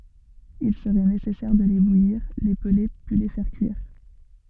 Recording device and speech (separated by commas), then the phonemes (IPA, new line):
soft in-ear microphone, read sentence
il səʁɛ nesɛsɛʁ də le bujiʁ le pəle pyi le fɛʁ kyiʁ